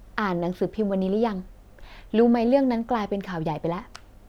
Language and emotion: Thai, neutral